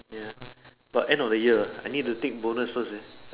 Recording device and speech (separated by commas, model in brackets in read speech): telephone, conversation in separate rooms